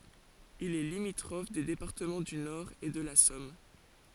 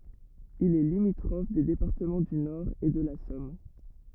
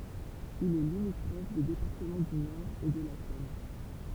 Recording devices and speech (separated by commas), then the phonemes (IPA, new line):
forehead accelerometer, rigid in-ear microphone, temple vibration pickup, read sentence
il ɛ limitʁɔf de depaʁtəmɑ̃ dy nɔʁ e də la sɔm